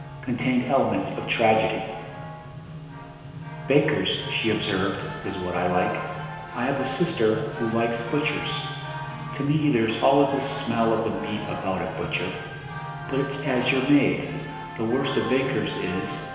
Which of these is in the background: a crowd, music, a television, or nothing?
Music.